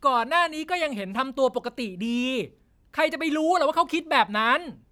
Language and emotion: Thai, angry